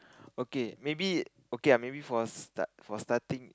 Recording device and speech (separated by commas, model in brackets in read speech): close-talking microphone, conversation in the same room